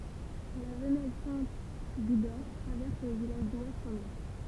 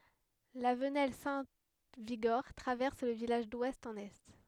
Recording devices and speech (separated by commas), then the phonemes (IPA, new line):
temple vibration pickup, headset microphone, read sentence
la vənɛl sɛ̃ viɡɔʁ tʁavɛʁs lə vilaʒ dwɛst ɑ̃n ɛ